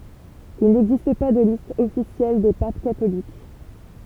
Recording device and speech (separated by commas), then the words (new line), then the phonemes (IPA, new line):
temple vibration pickup, read sentence
Il n’existe pas de liste officielle des papes catholiques.
il nɛɡzist pa də list ɔfisjɛl de pap katolik